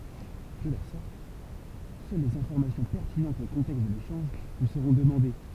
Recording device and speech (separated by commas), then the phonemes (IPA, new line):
temple vibration pickup, read sentence
də la sɔʁt sœl lez ɛ̃fɔʁmasjɔ̃ pɛʁtinɑ̃tz o kɔ̃tɛkst də leʃɑ̃ʒ lyi səʁɔ̃ dəmɑ̃de